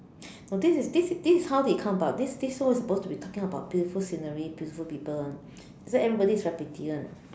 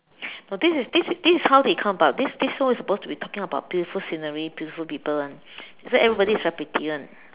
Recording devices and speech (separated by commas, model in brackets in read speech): standing microphone, telephone, conversation in separate rooms